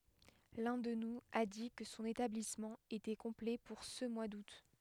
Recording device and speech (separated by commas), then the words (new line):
headset microphone, read sentence
L'un d'eux nous a dit que son établissement était complet pour ce mois d'août.